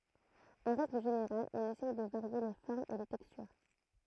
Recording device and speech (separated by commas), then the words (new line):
throat microphone, read sentence
En règle générale, on essaye de varier les formes et les textures.